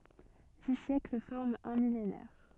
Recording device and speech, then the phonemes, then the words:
soft in-ear microphone, read sentence
di sjɛkl fɔʁmt œ̃ milenɛʁ
Dix siècles forment un millénaire.

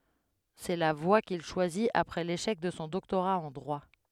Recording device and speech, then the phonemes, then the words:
headset microphone, read sentence
sɛ la vwa kil ʃwazit apʁɛ leʃɛk də sɔ̃ dɔktoʁa ɑ̃ dʁwa
C'est la voie qu'il choisit après l'échec de son doctorat en droit.

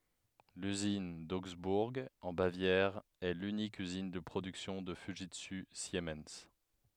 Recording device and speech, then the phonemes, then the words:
headset microphone, read sentence
lyzin doɡzbuʁ ɑ̃ bavjɛʁ ɛ lynik yzin də pʁodyksjɔ̃ də fyʒitsy simɛn
L'usine d'Augsbourg, en Bavière, est l'unique usine de production de Fujitsu Siemens.

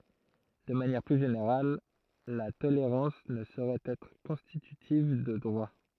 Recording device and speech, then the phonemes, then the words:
throat microphone, read sentence
də manjɛʁ ply ʒeneʁal la toleʁɑ̃s nə soʁɛt ɛtʁ kɔ̃stitytiv də dʁwa
De manière plus générale, la tolérance ne saurait être constitutive de droit.

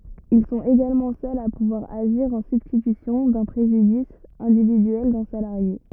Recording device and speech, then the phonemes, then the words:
rigid in-ear microphone, read sentence
il sɔ̃t eɡalmɑ̃ sœlz a puvwaʁ aʒiʁ ɑ̃ sybstitysjɔ̃ dœ̃ pʁeʒydis ɛ̃dividyɛl dœ̃ salaʁje
Ils sont également seuls à pouvoir agir en substitution d'un préjudice individuel d'un salarié.

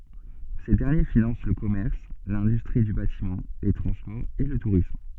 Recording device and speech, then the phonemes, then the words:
soft in-ear microphone, read sentence
se dɛʁnje finɑ̃s lə kɔmɛʁs lɛ̃dystʁi dy batimɑ̃ le tʁɑ̃spɔʁz e lə tuʁism
Ces derniers financent le commerce, l'industrie du bâtiment, les transports et le tourisme.

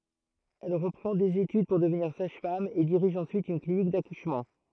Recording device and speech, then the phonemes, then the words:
throat microphone, read sentence
ɛl ʁəpʁɑ̃ dez etyd puʁ dəvniʁ saʒfam e diʁiʒ ɑ̃syit yn klinik dakuʃmɑ̃
Elle reprend des études pour devenir sage-femme et dirige ensuite une clinique d'accouchement.

